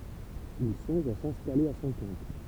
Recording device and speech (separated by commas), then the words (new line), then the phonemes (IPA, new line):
temple vibration pickup, read sentence
Il songe à s'installer à son compte.
il sɔ̃ʒ a sɛ̃stale a sɔ̃ kɔ̃t